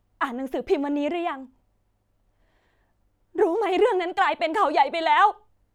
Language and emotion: Thai, sad